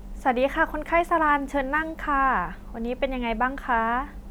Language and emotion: Thai, happy